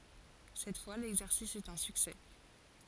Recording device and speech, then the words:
forehead accelerometer, read sentence
Cette fois, l’exercice est un succès.

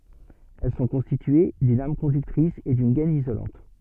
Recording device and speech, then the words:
soft in-ear microphone, read sentence
Elles sont constituées d'une âme conductrice et d'une gaine isolante.

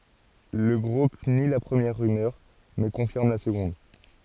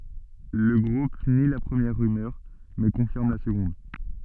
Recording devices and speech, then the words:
forehead accelerometer, soft in-ear microphone, read sentence
Le groupe nie la première rumeur, mais confirme la seconde.

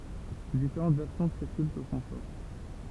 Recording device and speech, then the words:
temple vibration pickup, read sentence
Différentes versions circulent sur son sort.

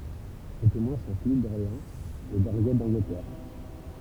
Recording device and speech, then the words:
temple vibration pickup, read sentence
Ses témoins sont Philippe d'Orléans et d'Henriette d'Angleterre.

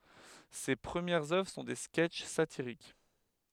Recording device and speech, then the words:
headset microphone, read sentence
Ses premières œuvres sont des sketches satiriques.

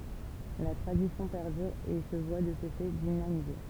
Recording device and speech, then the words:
temple vibration pickup, read sentence
La tradition perdure et se voit de ce fait dynamisée.

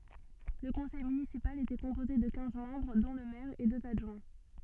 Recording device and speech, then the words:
soft in-ear microphone, read sentence
Le conseil municipal était composé de quinze membres dont le maire et deux adjoints.

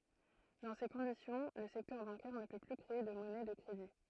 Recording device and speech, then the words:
throat microphone, read sentence
Dans ces conditions, le secteur bancaire ne peut plus créer de monnaie de crédit.

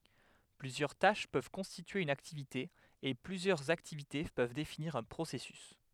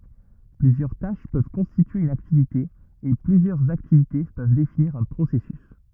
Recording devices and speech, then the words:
headset microphone, rigid in-ear microphone, read sentence
Plusieurs tâches peuvent constituer une activité et plusieurs activités peuvent définir un processus.

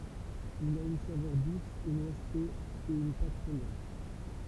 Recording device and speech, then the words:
temple vibration pickup, read sentence
Il a une saveur douce et noisetée et une pâte fondante.

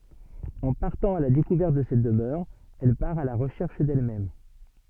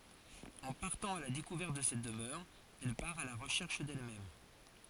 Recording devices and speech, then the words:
soft in-ear microphone, forehead accelerometer, read sentence
En partant à la découverte de cette demeure, elle part à la recherche d’elle-même.

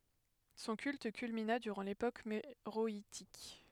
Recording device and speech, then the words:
headset microphone, read sentence
Son culte culmina durant l'époque méroïtique.

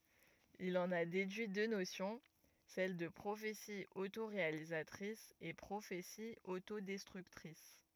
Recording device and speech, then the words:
rigid in-ear microphone, read sentence
Il en a déduit deux notions, celles de prophétie autoréalisatrice et prophétie autodestructrice.

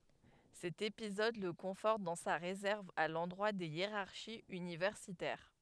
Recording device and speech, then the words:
headset microphone, read sentence
Cet épisode le conforte dans sa réserve à l'endroit des hiérarchies universitaires.

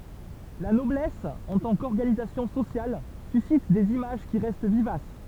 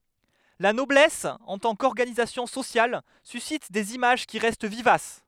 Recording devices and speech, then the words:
temple vibration pickup, headset microphone, read sentence
La noblesse en tant qu'organisation sociale suscite des images qui restent vivaces.

